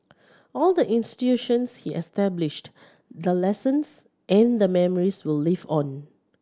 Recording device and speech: standing microphone (AKG C214), read sentence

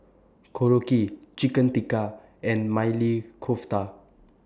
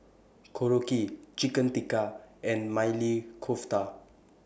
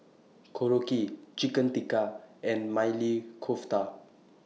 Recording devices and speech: standing microphone (AKG C214), boundary microphone (BM630), mobile phone (iPhone 6), read sentence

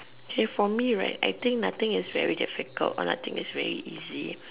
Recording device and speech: telephone, conversation in separate rooms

